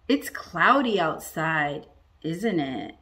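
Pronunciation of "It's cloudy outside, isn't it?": The voice goes down on the tag 'isn't it', so it is not really asking for an answer, only seeking agreement.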